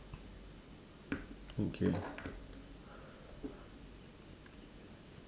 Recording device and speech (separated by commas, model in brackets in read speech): standing microphone, conversation in separate rooms